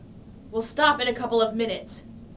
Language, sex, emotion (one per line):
English
female
angry